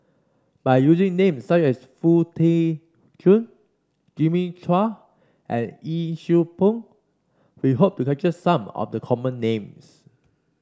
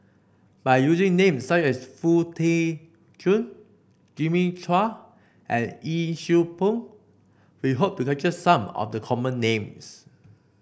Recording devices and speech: standing microphone (AKG C214), boundary microphone (BM630), read sentence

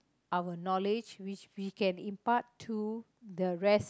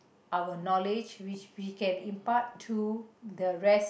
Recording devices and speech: close-talking microphone, boundary microphone, conversation in the same room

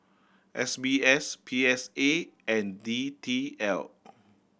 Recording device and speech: boundary microphone (BM630), read sentence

